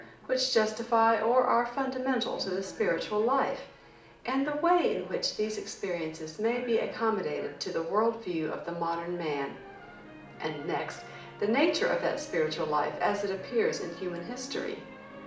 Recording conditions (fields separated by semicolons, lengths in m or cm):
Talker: one person; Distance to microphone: 2.0 m; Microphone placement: close; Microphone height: 99 cm; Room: medium-sized (5.7 m by 4.0 m); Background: television